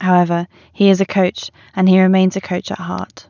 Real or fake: real